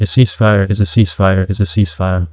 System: TTS, neural waveform model